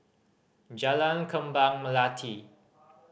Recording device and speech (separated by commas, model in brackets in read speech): boundary microphone (BM630), read sentence